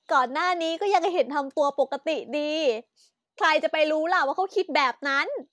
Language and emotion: Thai, happy